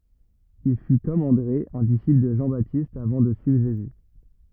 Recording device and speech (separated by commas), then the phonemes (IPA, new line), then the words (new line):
rigid in-ear microphone, read sentence
il fy kɔm ɑ̃dʁe œ̃ disipl də ʒɑ̃batist avɑ̃ də syivʁ ʒezy
Il fut, comme André, un disciple de Jean-Baptiste avant de suivre Jésus.